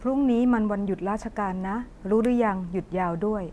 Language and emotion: Thai, neutral